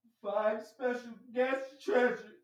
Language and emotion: English, sad